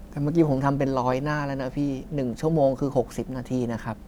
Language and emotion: Thai, frustrated